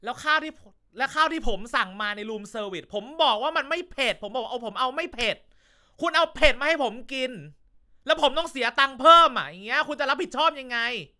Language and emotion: Thai, angry